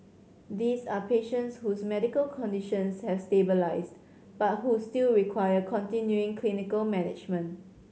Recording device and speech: mobile phone (Samsung C7100), read sentence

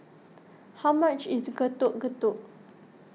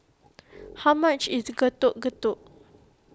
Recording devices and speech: mobile phone (iPhone 6), close-talking microphone (WH20), read sentence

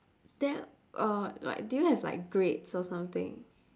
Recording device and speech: standing microphone, conversation in separate rooms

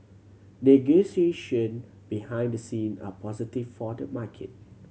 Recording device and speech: mobile phone (Samsung C7100), read sentence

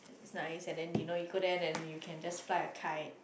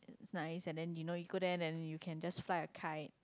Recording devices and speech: boundary microphone, close-talking microphone, conversation in the same room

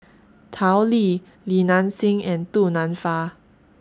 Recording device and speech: standing microphone (AKG C214), read sentence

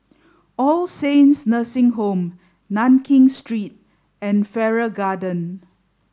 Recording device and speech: standing microphone (AKG C214), read sentence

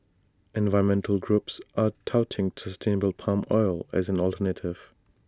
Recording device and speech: standing microphone (AKG C214), read sentence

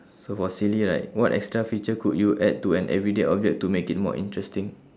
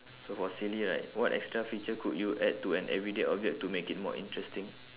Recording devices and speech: standing microphone, telephone, conversation in separate rooms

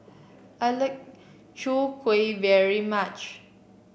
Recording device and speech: boundary microphone (BM630), read sentence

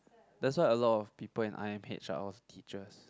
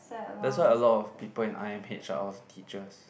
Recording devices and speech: close-talking microphone, boundary microphone, conversation in the same room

